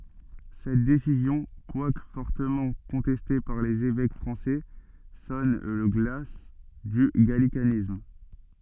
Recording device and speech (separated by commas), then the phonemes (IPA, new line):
soft in-ear microphone, read sentence
sɛt desizjɔ̃ kwak fɔʁtəmɑ̃ kɔ̃tɛste paʁ lez evɛk fʁɑ̃sɛ sɔn lə ɡla dy ɡalikanism